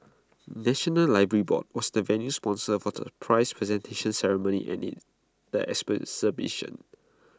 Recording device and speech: close-talking microphone (WH20), read sentence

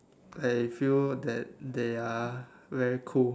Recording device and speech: standing microphone, conversation in separate rooms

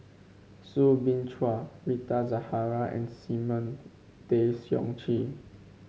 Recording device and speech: mobile phone (Samsung C5), read sentence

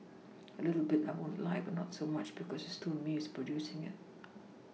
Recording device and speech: mobile phone (iPhone 6), read sentence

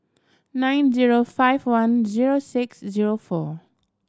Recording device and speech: standing microphone (AKG C214), read sentence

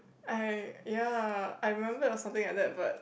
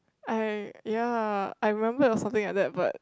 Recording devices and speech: boundary microphone, close-talking microphone, conversation in the same room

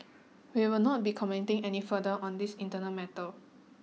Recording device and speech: mobile phone (iPhone 6), read sentence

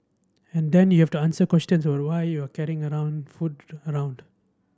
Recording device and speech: standing microphone (AKG C214), read sentence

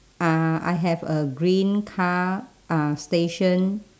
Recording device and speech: standing microphone, conversation in separate rooms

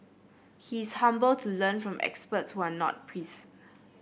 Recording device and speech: boundary microphone (BM630), read sentence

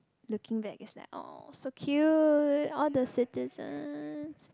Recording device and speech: close-talking microphone, conversation in the same room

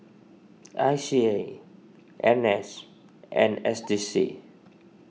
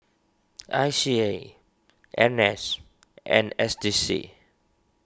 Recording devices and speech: mobile phone (iPhone 6), standing microphone (AKG C214), read sentence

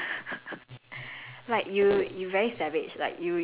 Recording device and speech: telephone, conversation in separate rooms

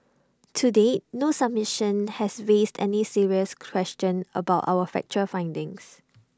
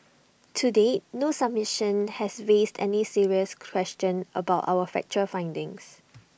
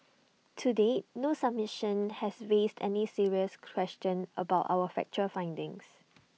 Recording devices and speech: standing microphone (AKG C214), boundary microphone (BM630), mobile phone (iPhone 6), read sentence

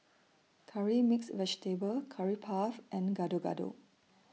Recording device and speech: mobile phone (iPhone 6), read sentence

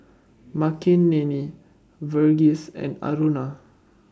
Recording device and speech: standing microphone (AKG C214), read sentence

